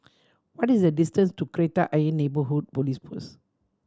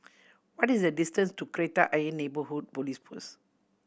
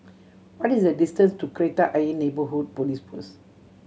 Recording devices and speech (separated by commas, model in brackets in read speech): standing microphone (AKG C214), boundary microphone (BM630), mobile phone (Samsung C7100), read sentence